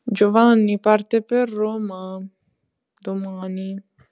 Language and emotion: Italian, sad